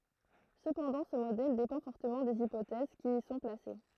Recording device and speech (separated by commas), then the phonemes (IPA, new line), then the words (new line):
throat microphone, read sentence
səpɑ̃dɑ̃ sə modɛl depɑ̃ fɔʁtəmɑ̃ dez ipotɛz ki i sɔ̃ plase
Cependant, ce modèle dépend fortement des hypothèses qui y sont placées.